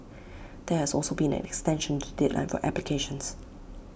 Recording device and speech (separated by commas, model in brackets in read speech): boundary microphone (BM630), read sentence